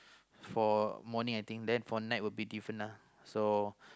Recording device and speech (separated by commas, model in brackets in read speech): close-talking microphone, conversation in the same room